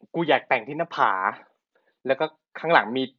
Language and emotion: Thai, neutral